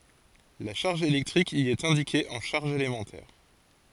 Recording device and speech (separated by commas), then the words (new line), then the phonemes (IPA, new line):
forehead accelerometer, read sentence
La charge électrique y est indiquée en charges élémentaires.
la ʃaʁʒ elɛktʁik i ɛt ɛ̃dike ɑ̃ ʃaʁʒz elemɑ̃tɛʁ